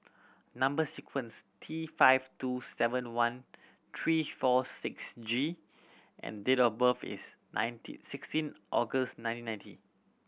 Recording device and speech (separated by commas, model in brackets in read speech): boundary microphone (BM630), read sentence